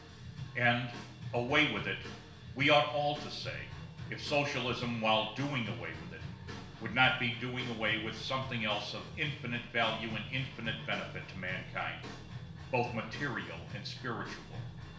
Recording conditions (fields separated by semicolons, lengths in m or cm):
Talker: one person; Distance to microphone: 1.0 m; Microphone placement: close; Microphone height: 1.1 m; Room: small (3.7 m by 2.7 m); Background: music